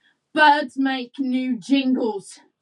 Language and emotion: English, angry